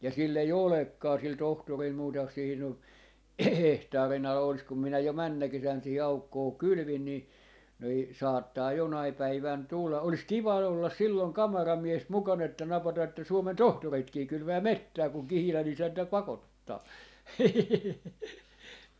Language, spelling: Finnish, ja sillä ei olekaan sillä tohtorilla muuta siihen on hehtaarin ala olisi kun minä jo menneenä kesänä siihen aukkoon kylvin niin niin saattaa jonain päivänä tulla olisi kiva olla silloin kameramies mukana että napata että Suomen tohtoritkin kylvää metsää kun Kihilän isäntä pakottaa
- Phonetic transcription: ja 'sill ‿ei "olekkaa sil 'tohtoril 'muuta siihin ‿o , 'hehtaari'n ‿ala olis kum minä jo "männä 'kesän sihi 'aukkoo "kylʸvin ni , nii , 'saattaa 'jonai 'päivän "tulla , 'olis 'kiva ollas 'silloŋ "kamaramies 'mukan ‿että 'napata että 'Suomen "tohtoritkii 'kylʸvää "mettää kuŋ "Kihilä'n ‿isäntä 'pakottaa .

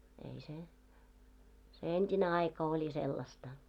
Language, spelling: Finnish, ei se se entinen aika oli sellaista
- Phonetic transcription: ei se , se "ent́ine aika oĺi 'sellasta .

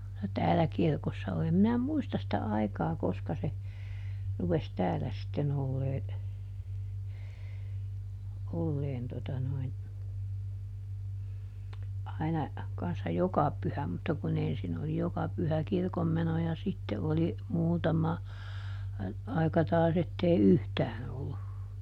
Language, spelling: Finnish, no täällä kirkossa oli en minä muista sitä aikaa koska se rupesi täällä sitten olemaan olemaan tuota noin aina kanssa joka pyhä mutta kun ensin oli joka pyhä kirkonmeno ja sitten oli muutama aika taas että ei yhtään ollut
- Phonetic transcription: no ˈtäälä ˈkirkossa oli - em minä "muistas sⁱtä ˈaikaa ˈkoska se , ˈrupes "täälä sitten ‿ollee , ˈolleen tota noin , aina , kanssa "joka ˈpyhä mutta kuˈn ‿ensin ‿oli ˈjoka pyhä ˈkirkommeno ja ˈsitte oli , ˈmuutama , ˈaika ˈtaas ‿ettei "yhtään ‿ollu .

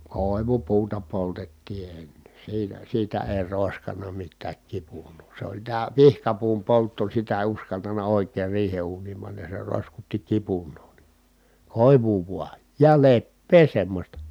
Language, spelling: Finnish, koivupuuta poltettiin ennen siinä siitä ei roiskanut mitään kipunaa se oli tämä pihkapuun poltto sitä ei uskaltanut oikein riihen uuniin panna ja se roiskutti kipunaa niin koivua vain ja leppää semmoista
- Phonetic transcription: kòi̮vupuuta poltettii enne , siinä , siitä èi̮ ròeskan̆na mittääk kipun̆noo , se oĺ tää pihkapuum poltto sitä èi̮ uskaltana òikeer riihe uuniim pannaj ja se ròi̮skutti kipun̆noo ni , kòivuu vua , ja leppee semmosta .

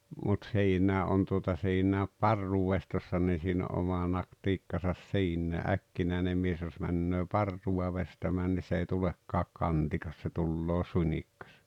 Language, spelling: Finnish, mutta siinäkin - on tuota siinäkin parrunveistossa niin siinä on oma taktiikkansa siinä äkkinäinen mies jos menee parrua veistämään niin se ei tulekaan kantikas se tulee suunnikas
- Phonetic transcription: mut 'siiǹää ’ ’on tuota siinä̀ep "parruvvestossa nii siin ‿o oma 'n̬aktiikkasas "siinnä̀ "’äkkinä̀enem mies jos männöö "parruwa 'vestämään nii s ‿ei 'tulekkaak "kantikas se 'tulloo "suńik̆kᴀs .

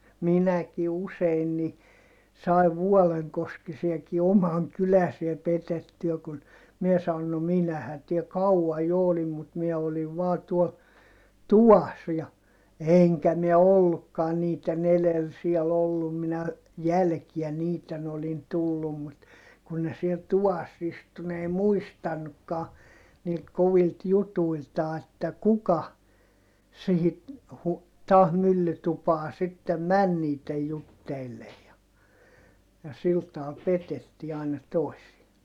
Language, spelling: Finnish, minäkin usein niin sain vuolenkoskisiakin oman kyläisiä petettyä kun minä sanoin no minähän täällä kauan jo olin mutta minä olin vain tuolla tuvassa ja enkä minä ollutkaan niiden edellä siellä ollut minä jälkeen niiden olin tullut mutta kun ne siellä tuvassa istui ne ei muistanutkaan niiltä kovilta jutuiltaan että kuka siihen - taas myllytupaan sitten meni niiden jutteille ja ja sillä tavalla petettiin aina toisia
- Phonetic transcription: minäki usein ni , sai̮v vuɔleŋkoskisiaki omaŋ kyläsiä petettyä kun , miɛ saon » no minähän tiel kau₍aj jo olim mut miɛ oliv vaa tuol , tuvas » ja , èŋkä miɛ ollukkaan niit̆ten ‿elel siɛl ‿ollum minä , jälkiä niit̆ten ‿olin tullum mut , kun ne siɛl tuvas istu n ‿ei muistannukkaa , niilt kovilt jutuiltaa että kuka , sihi , hu- , taah myllytupaa sittem män niit̆tej jutteillej ja , ja sil taal petettii àina tòisia .

